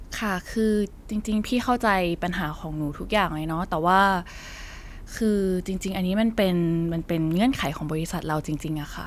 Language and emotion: Thai, frustrated